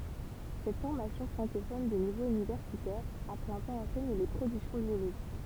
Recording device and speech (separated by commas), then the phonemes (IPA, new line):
temple vibration pickup, read sentence
sɛt fɔʁmasjɔ̃ fʁɑ̃kofɔn də nivo ynivɛʁsitɛʁ a plɛ̃ tɑ̃ ɑ̃sɛɲ le pʁodyksjɔ̃ bjoloʒik